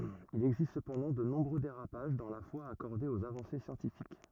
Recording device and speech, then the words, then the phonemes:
rigid in-ear microphone, read sentence
Il existe cependant de nombreux dérapages dans la foi accordée aux avancées scientifiques.
il ɛɡzist səpɑ̃dɑ̃ də nɔ̃bʁø deʁapaʒ dɑ̃ la fwa akɔʁde oz avɑ̃se sjɑ̃tifik

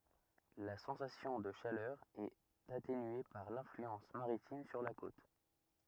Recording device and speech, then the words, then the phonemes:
rigid in-ear microphone, read sentence
La sensation de chaleur est atténuée par l'influence maritime sur la côte.
la sɑ̃sasjɔ̃ də ʃalœʁ ɛt atenye paʁ lɛ̃flyɑ̃s maʁitim syʁ la kot

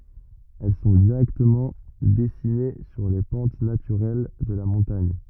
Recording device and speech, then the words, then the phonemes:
rigid in-ear microphone, read sentence
Elles sont directement dessinées sur les pentes naturelles de la montagne.
ɛl sɔ̃ diʁɛktəmɑ̃ dɛsine syʁ le pɑ̃t natyʁɛl də la mɔ̃taɲ

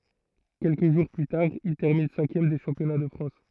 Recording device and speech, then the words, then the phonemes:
throat microphone, read sentence
Quelques jours plus tard, il termine cinquième des championnats de France.
kɛlkə ʒuʁ ply taʁ il tɛʁmin sɛ̃kjɛm de ʃɑ̃pjɔna də fʁɑ̃s

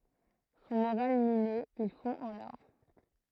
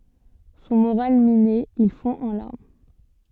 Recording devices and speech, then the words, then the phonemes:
throat microphone, soft in-ear microphone, read sentence
Son moral miné, il fond en larmes.
sɔ̃ moʁal mine il fɔ̃ ɑ̃ laʁm

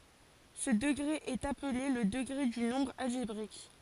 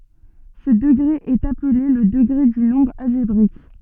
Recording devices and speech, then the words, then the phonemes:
forehead accelerometer, soft in-ear microphone, read sentence
Ce degré est appelé le degré du nombre algébrique.
sə dəɡʁe ɛt aple lə dəɡʁe dy nɔ̃bʁ alʒebʁik

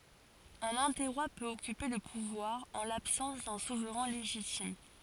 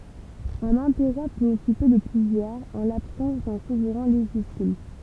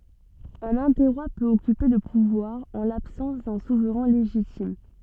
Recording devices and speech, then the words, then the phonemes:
forehead accelerometer, temple vibration pickup, soft in-ear microphone, read sentence
Un interroi peut occuper le pouvoir en l'absence d’un souverain légitime.
œ̃n ɛ̃tɛʁwa pøt ɔkype lə puvwaʁ ɑ̃ labsɑ̃s dœ̃ suvʁɛ̃ leʒitim

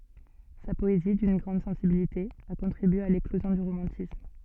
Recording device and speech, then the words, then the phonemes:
soft in-ear microphone, read sentence
Sa poésie, d'une grande sensibilité, a contribué à l'éclosion du romantisme.
sa pɔezi dyn ɡʁɑ̃d sɑ̃sibilite a kɔ̃tʁibye a leklozjɔ̃ dy ʁomɑ̃tism

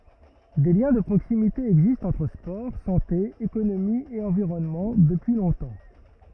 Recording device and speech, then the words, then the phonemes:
rigid in-ear microphone, read sentence
Des liens de proximité existent entre sport, santé, économie et environnement, depuis longtemps.
de ljɛ̃ də pʁoksimite ɛɡzistt ɑ̃tʁ spɔʁ sɑ̃te ekonomi e ɑ̃viʁɔnmɑ̃ dəpyi lɔ̃tɑ̃

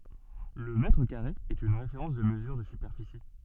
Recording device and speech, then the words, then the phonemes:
soft in-ear microphone, read sentence
Le mètre carré est une référence de mesure de superficie.
lə mɛtʁ kaʁe ɛt yn ʁefeʁɑ̃s də məzyʁ də sypɛʁfisi

